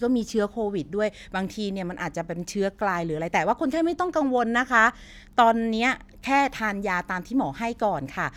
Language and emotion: Thai, neutral